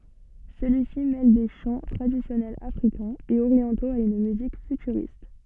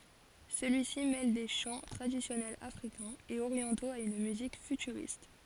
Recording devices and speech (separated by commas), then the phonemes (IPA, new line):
soft in-ear microphone, forehead accelerometer, read sentence
səlyi si mɛl de ʃɑ̃ tʁadisjɔnɛlz afʁikɛ̃z e oʁjɑ̃toz a yn myzik fytyʁist